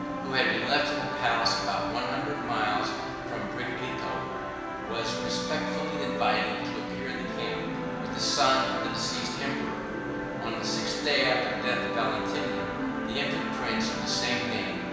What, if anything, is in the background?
A television.